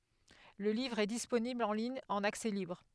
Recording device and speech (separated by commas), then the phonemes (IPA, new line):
headset microphone, read sentence
lə livʁ ɛ disponibl ɑ̃ liɲ ɑ̃n aksɛ libʁ